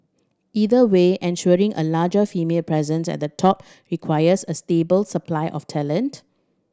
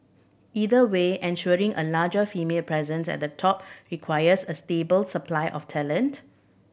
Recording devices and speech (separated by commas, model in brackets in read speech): standing microphone (AKG C214), boundary microphone (BM630), read sentence